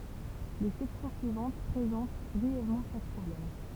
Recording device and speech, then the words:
temple vibration pickup, read sentence
Les sections suivantes présentent brièvement chaque problème.

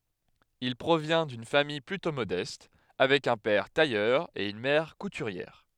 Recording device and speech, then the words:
headset microphone, read sentence
Il provient d'une famille plutôt modeste, avec un père tailleur et une mère couturière.

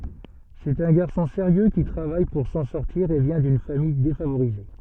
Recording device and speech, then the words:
soft in-ear microphone, read sentence
C'est un garçon sérieux qui travaille pour s’en sortir et vient d’une famille défavorisée.

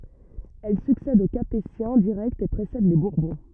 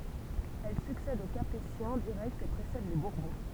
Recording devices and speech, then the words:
rigid in-ear microphone, temple vibration pickup, read sentence
Elle succède aux Capétiens directs et précède les Bourbons.

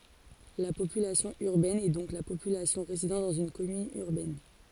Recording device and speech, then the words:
forehead accelerometer, read sentence
La population urbaine est donc la population résidant dans une commune urbaine.

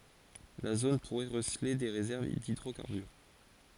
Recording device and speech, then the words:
forehead accelerometer, read sentence
La zone pourrait receler des réserves d'hydrocarbures.

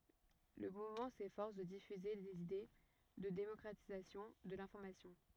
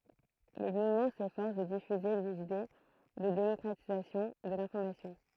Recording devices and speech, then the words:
rigid in-ear microphone, throat microphone, read sentence
Le mouvement s'efforce de diffuser des idées de démocratisation de l'information.

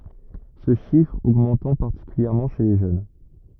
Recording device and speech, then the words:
rigid in-ear microphone, read sentence
Ce chiffre augmentant particulièrement chez les jeunes.

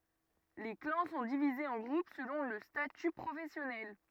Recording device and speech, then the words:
rigid in-ear microphone, read sentence
Les clans sont divisés en groupes selon le statut professionnel.

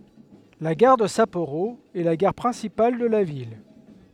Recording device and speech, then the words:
headset microphone, read sentence
La gare de Sapporo est la gare principale de la ville.

